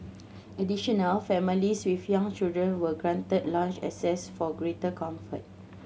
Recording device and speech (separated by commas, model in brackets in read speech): mobile phone (Samsung C7100), read sentence